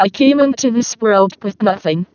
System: VC, vocoder